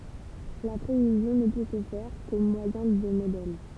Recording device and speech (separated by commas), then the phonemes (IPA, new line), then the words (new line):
temple vibration pickup, read sentence
la pʁevizjɔ̃ nə pø sə fɛʁ ko mwajɛ̃ də modɛl
La prévision ne peut se faire qu'au moyen de modèles.